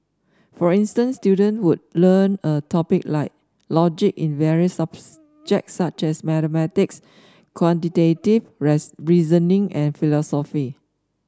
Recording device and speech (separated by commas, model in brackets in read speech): standing microphone (AKG C214), read sentence